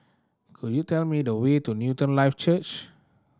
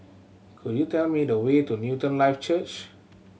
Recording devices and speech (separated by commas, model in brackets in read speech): standing microphone (AKG C214), mobile phone (Samsung C7100), read sentence